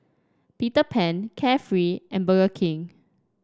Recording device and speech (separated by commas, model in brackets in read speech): standing microphone (AKG C214), read sentence